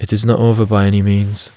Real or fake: real